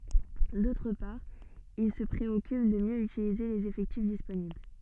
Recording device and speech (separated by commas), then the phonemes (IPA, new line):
soft in-ear microphone, read sentence
dotʁ paʁ il sə pʁeɔkyp də mjø ytilize lez efɛktif disponibl